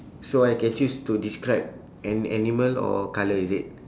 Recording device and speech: standing microphone, conversation in separate rooms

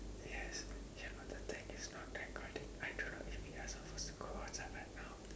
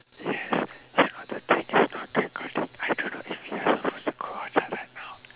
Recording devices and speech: standing microphone, telephone, conversation in separate rooms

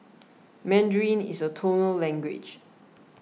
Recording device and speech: mobile phone (iPhone 6), read sentence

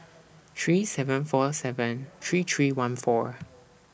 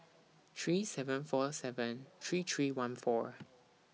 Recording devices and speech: boundary microphone (BM630), mobile phone (iPhone 6), read sentence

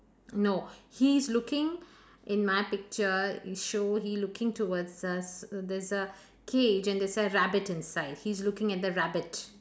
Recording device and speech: standing microphone, conversation in separate rooms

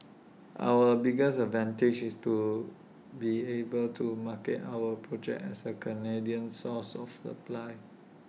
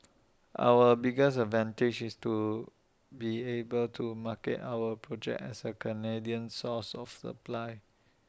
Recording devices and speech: mobile phone (iPhone 6), standing microphone (AKG C214), read sentence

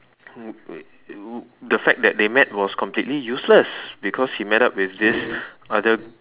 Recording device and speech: telephone, conversation in separate rooms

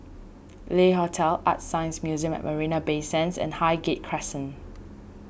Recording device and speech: boundary microphone (BM630), read sentence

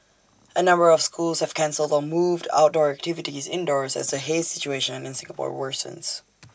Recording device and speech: standing microphone (AKG C214), read sentence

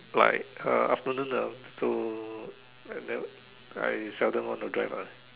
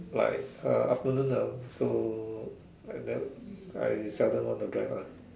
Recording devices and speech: telephone, standing microphone, conversation in separate rooms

